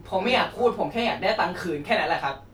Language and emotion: Thai, angry